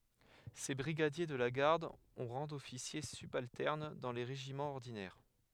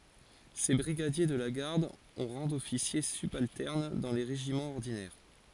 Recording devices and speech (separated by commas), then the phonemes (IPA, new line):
headset microphone, forehead accelerometer, read sentence
se bʁiɡadje də la ɡaʁd ɔ̃ ʁɑ̃ dɔfisje sybaltɛʁn dɑ̃ le ʁeʒimɑ̃z ɔʁdinɛʁ